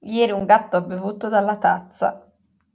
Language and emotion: Italian, disgusted